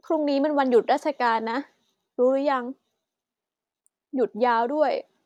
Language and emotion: Thai, frustrated